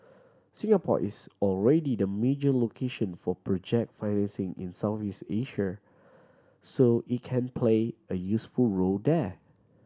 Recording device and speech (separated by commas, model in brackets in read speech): standing microphone (AKG C214), read sentence